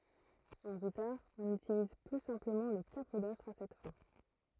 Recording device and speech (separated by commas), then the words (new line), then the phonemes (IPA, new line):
throat microphone, read sentence
En guitare, on utilise plus simplement le capodastre à cette fin.
ɑ̃ ɡitaʁ ɔ̃n ytiliz ply sɛ̃pləmɑ̃ lə kapodastʁ a sɛt fɛ̃